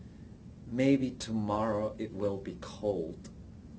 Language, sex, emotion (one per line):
English
male
neutral